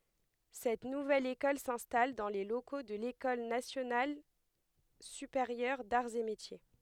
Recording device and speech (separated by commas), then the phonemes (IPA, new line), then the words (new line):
headset microphone, read sentence
sɛt nuvɛl ekɔl sɛ̃stal dɑ̃ le loko də lekɔl nasjonal sypeʁjœʁ daʁz e metje
Cette nouvelle école s’installe dans les locaux de l’École nationale supérieure d'arts et métiers.